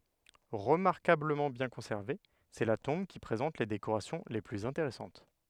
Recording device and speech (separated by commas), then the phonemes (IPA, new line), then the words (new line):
headset microphone, read sentence
ʁəmaʁkabləmɑ̃ bjɛ̃ kɔ̃sɛʁve sɛ la tɔ̃b ki pʁezɑ̃t le dekoʁasjɔ̃ le plyz ɛ̃teʁɛsɑ̃t
Remarquablement bien conservée, c'est la tombe qui présente les décorations les plus intéressantes.